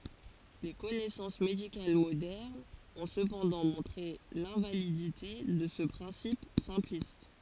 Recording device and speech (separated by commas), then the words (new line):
forehead accelerometer, read sentence
Les connaissances médicales modernes ont cependant montré l'invalidité de ce principe simpliste.